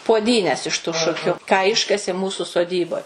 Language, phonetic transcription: Lithuanian, puoˈdynes iš tu ˈšukiu ką ˈiškasė ˈmūsu soˈdyboj

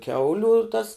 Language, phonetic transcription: Lithuanian, ˈkiauliu tas

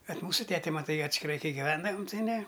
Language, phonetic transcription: Lithuanian, bet ˈmūsu ˈtete maˈtai atskiˈrai ˈkai giˈvendavam tai ˈne

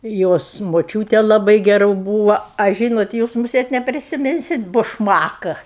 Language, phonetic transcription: Lithuanian, ˈjos moˈčiūtė laˈbai geˈru ˈbūva a ˈžynot ˈjūs muˈsėt neprisiˈminsit bušˈmaka

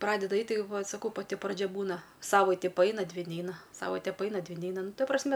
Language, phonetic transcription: Lithuanian, ˈpradeda ˈait' ˈtai va saˈkau paˈti praˈdžia ˈbūna ˈsavaiti paˈaina ˈdvi ˈneina ˈsavaite paˈaina ˈdvi ˈneina ˈnu ˈta prasˈme

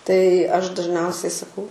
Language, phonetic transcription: Lithuanian, tai ˈaš dažˈniausiai saˈkau

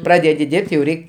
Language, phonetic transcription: Lithuanian, ˈpradedi ˈdirb't' jau ˈreik'

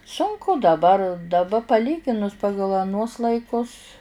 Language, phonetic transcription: Lithuanian, sunˈku daˈbar daˈba paˈlyginus ˈpagal aˈnuos laiˈkus

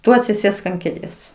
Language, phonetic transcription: Lithuanian, ˈtu atsiˈsėsk ant kėˈdės

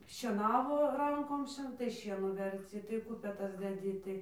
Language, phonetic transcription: Lithuanian, šieˈnavo ˈrankom ˈšie tai ˈšienų verˈci tai ˈkupetas deˈdi tai

